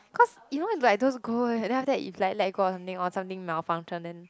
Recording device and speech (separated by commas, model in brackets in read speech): close-talking microphone, conversation in the same room